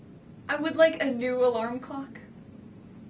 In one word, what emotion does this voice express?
neutral